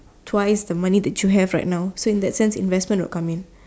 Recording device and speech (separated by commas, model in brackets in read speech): standing microphone, conversation in separate rooms